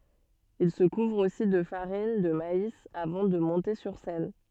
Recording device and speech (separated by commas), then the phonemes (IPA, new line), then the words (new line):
soft in-ear microphone, read sentence
il sə kuvʁ osi də faʁin də mais avɑ̃ də mɔ̃te syʁ sɛn
Il se couvre aussi de farine de maïs avant de monter sur scène.